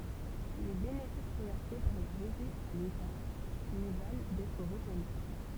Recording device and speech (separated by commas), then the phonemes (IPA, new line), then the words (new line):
temple vibration pickup, read sentence
le benefis ʁəvɛʁse paʁ la ʁeʒi a leta lyi val dɛtʁ ʁəkɔny
Les bénéfices reversés par la Régie à l’État lui valent d’être reconnu.